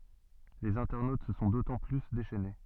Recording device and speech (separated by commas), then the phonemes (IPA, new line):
soft in-ear microphone, read sentence
lez ɛ̃tɛʁnot sə sɔ̃ dotɑ̃ ply deʃɛne